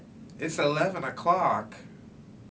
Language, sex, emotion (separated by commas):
English, male, neutral